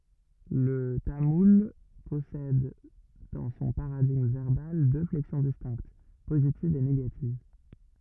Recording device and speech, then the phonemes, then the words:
rigid in-ear microphone, read sentence
lə tamul pɔsɛd dɑ̃ sɔ̃ paʁadiɡm vɛʁbal dø flɛksjɔ̃ distɛ̃kt pozitiv e neɡativ
Le tamoul possède dans son paradigme verbal deux flexions distinctes, positive et négative.

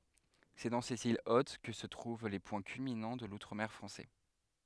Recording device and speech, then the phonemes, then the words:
headset microphone, read sentence
sɛ dɑ̃ sez il ot kə sə tʁuv le pwɛ̃ kylminɑ̃ də lutʁ mɛʁ fʁɑ̃sɛ
C'est dans ces îles hautes que se trouvent les points culminants de l'Outre-mer français.

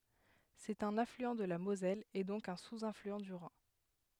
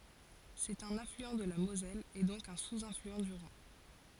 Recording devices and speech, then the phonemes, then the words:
headset microphone, forehead accelerometer, read sentence
sɛt œ̃n aflyɑ̃ də la mozɛl e dɔ̃k œ̃ suzaflyɑ̃ dy ʁɛ̃
C'est un affluent de la Moselle et donc un sous-affluent du Rhin.

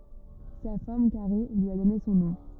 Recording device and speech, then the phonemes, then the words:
rigid in-ear microphone, read sentence
sa fɔʁm kaʁe lyi a dɔne sɔ̃ nɔ̃
Sa forme carrée lui a donné son nom.

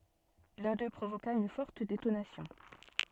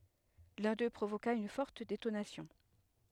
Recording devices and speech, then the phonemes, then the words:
soft in-ear microphone, headset microphone, read sentence
lœ̃ dø pʁovoka yn fɔʁt detonasjɔ̃
L'un d'eux provoqua une forte détonation.

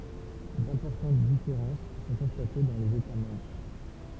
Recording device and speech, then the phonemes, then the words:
temple vibration pickup, read sentence
dɛ̃pɔʁtɑ̃t difeʁɑ̃s sɔ̃ kɔ̃state dɑ̃ lez eta mɑ̃bʁ
D'importantes différences sont constatées dans les États membres.

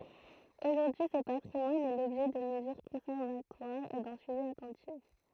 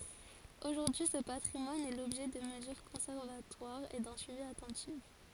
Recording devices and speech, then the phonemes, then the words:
throat microphone, forehead accelerometer, read sentence
oʒuʁdyi sə patʁimwan ɛ lɔbʒɛ də məzyʁ kɔ̃sɛʁvatwaʁz e dœ̃ syivi atɑ̃tif
Aujourd'hui, ce patrimoine est l'objet de mesures conservatoires et d'un suivi attentif.

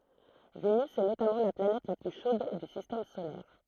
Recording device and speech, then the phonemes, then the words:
throat microphone, read sentence
venys ɛ notamɑ̃ la planɛt la ply ʃod dy sistɛm solɛʁ
Vénus est notamment la planète la plus chaude du Système solaire.

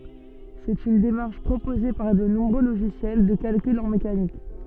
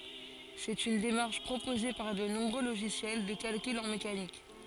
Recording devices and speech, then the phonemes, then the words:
soft in-ear microphone, forehead accelerometer, read sentence
sɛt yn demaʁʃ pʁopoze paʁ də nɔ̃bʁø loʒisjɛl də kalkyl ɑ̃ mekanik
C'est une démarche proposée par de nombreux logiciels de calcul en mécanique.

